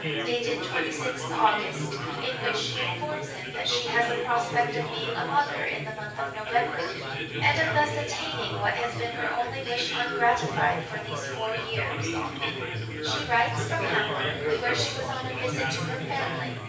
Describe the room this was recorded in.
A spacious room.